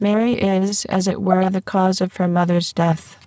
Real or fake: fake